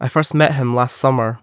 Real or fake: real